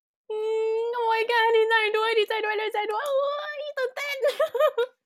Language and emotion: Thai, happy